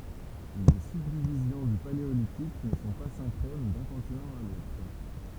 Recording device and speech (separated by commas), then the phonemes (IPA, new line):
temple vibration pickup, read sentence
le sybdivizjɔ̃ dy paleolitik nə sɔ̃ pa sɛ̃kʁon dœ̃ kɔ̃tinɑ̃ a lotʁ